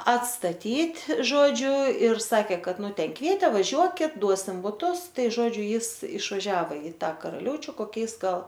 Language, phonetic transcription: Lithuanian, atstaˈtyt' ˈžodžiu ir saˈkė ˈkad ˈnu ˈten ˈkvietė vaˈžiuokit ˈduosim buˈtus ˈtai ˈžodžiu ˈjis išvaˈžiavo i ˈtą karaˈliaučiu koˈkiais ˈgal

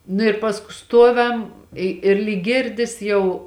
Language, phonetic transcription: Lithuanian, nu i ˈpasku ˈstuoviam ˈi ir lyg ˈgirdis jau

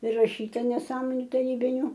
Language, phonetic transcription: Lithuanian, priraˈšyta neˈsąmoniu taˈrybiniu

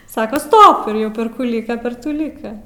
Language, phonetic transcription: Lithuanian, ˈsaka ˈstop ir ˈjau per ˈkų ˈlyka per ˈtų ˈlyka

